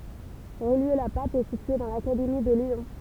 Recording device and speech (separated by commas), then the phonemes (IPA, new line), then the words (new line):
temple vibration pickup, read sentence
ʁijjø la pap ɛ sitye dɑ̃ lakademi də ljɔ̃
Rillieux-la-Pape est située dans l'académie de Lyon.